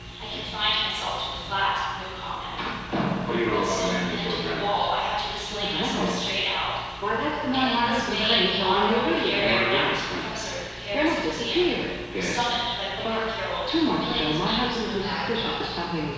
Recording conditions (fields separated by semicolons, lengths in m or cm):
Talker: one person; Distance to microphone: 7.1 m; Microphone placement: far; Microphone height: 1.7 m; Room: very reverberant, large; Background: television